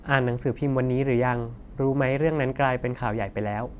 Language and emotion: Thai, neutral